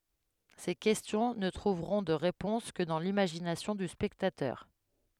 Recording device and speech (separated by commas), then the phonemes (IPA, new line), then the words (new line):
headset microphone, read sentence
se kɛstjɔ̃ nə tʁuvʁɔ̃ də ʁepɔ̃s kə dɑ̃ limaʒinasjɔ̃ dy spɛktatœʁ
Ces questions ne trouveront de réponse que dans l'imagination du spectateur.